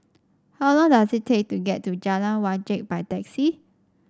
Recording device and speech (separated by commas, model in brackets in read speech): standing microphone (AKG C214), read sentence